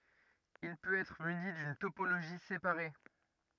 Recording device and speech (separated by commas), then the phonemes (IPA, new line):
rigid in-ear microphone, read sentence
il pøt ɛtʁ myni dyn topoloʒi sepaʁe